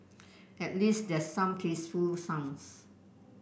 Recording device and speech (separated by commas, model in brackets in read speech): boundary microphone (BM630), read sentence